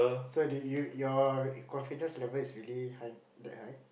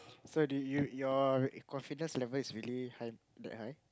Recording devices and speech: boundary microphone, close-talking microphone, conversation in the same room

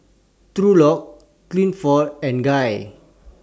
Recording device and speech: standing microphone (AKG C214), read sentence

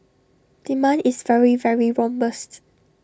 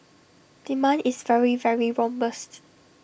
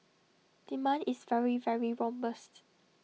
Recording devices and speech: standing microphone (AKG C214), boundary microphone (BM630), mobile phone (iPhone 6), read sentence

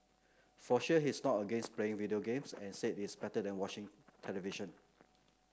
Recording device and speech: close-talking microphone (WH30), read sentence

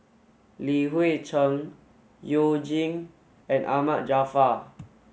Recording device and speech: mobile phone (Samsung S8), read sentence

